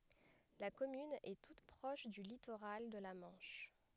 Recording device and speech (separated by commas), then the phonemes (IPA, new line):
headset microphone, read sentence
la kɔmyn ɛ tut pʁɔʃ dy litoʁal də la mɑ̃ʃ